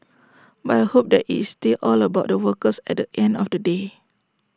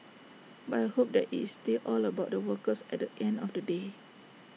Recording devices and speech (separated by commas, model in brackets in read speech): standing microphone (AKG C214), mobile phone (iPhone 6), read sentence